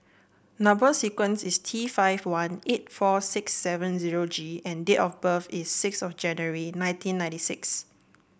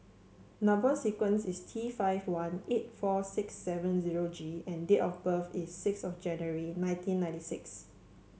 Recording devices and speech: boundary microphone (BM630), mobile phone (Samsung C7), read sentence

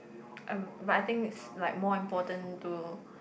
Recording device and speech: boundary microphone, conversation in the same room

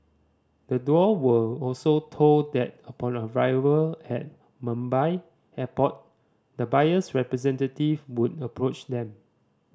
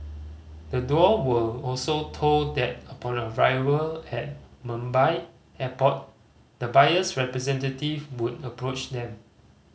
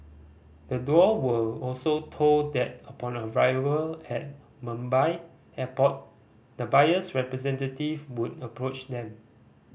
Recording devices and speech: standing microphone (AKG C214), mobile phone (Samsung C5010), boundary microphone (BM630), read sentence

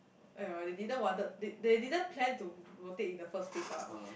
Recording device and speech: boundary microphone, conversation in the same room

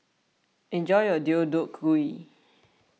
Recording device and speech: mobile phone (iPhone 6), read sentence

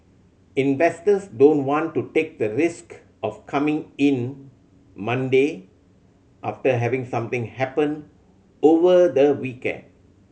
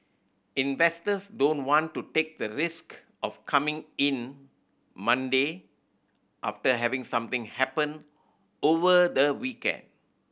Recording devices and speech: mobile phone (Samsung C7100), boundary microphone (BM630), read sentence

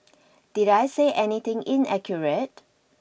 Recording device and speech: boundary microphone (BM630), read sentence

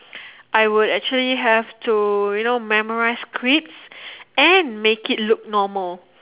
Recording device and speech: telephone, conversation in separate rooms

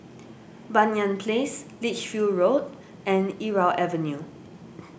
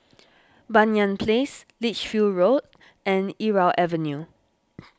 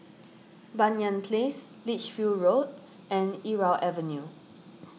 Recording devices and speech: boundary microphone (BM630), standing microphone (AKG C214), mobile phone (iPhone 6), read sentence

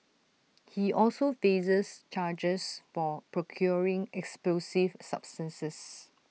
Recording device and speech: mobile phone (iPhone 6), read sentence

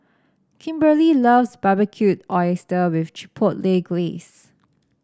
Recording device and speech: standing microphone (AKG C214), read sentence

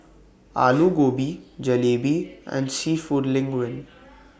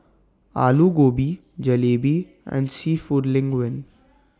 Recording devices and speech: boundary microphone (BM630), standing microphone (AKG C214), read sentence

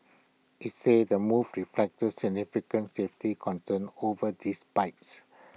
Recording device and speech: mobile phone (iPhone 6), read sentence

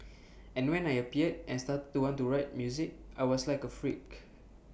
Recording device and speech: boundary microphone (BM630), read sentence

